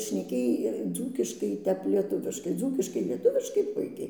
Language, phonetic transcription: Lithuanian, šneˈkėj ˈdzūkiškai ˈtep lieˈtuviškai ˈdzūkiškai lieˈtuviškai ˈpuikiai

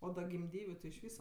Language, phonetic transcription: Lithuanian, o da gimˈdyviu ti iš ˈvysa

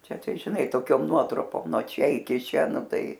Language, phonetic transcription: Lithuanian, ˈčia ˈtai žiˈnai toˈkiom ˈnuotrupom nuo ˈčia iˈki ˈčia ˈnu ˈtai

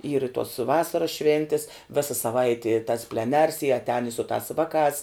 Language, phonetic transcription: Lithuanian, yr i tuos ˈvasaras ˈšvėntis ˈvisa saˈvaiti tas pleˈners i atˈēn i su tās ˈvaˌkās

